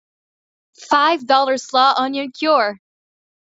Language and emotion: English, happy